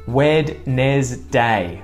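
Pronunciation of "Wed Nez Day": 'Wednesday' is said in three spelled-out parts, 'Wed Nez Day', which is not how anyone says it in normal speech.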